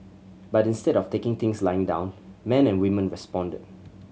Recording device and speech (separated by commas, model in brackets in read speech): mobile phone (Samsung C7100), read sentence